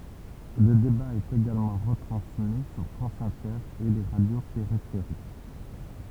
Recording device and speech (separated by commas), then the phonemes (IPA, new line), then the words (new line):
temple vibration pickup, read sentence
lə deba ɛt eɡalmɑ̃ ʁətʁɑ̃smi syʁ fʁɑ̃s ɛ̃tɛʁ e le ʁadjo peʁifeʁik
Le débat est également retransmis sur France Inter et les radios périphériques.